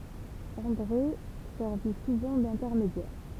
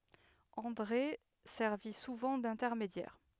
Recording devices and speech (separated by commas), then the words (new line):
temple vibration pickup, headset microphone, read sentence
André servit souvent d’intermédiaire.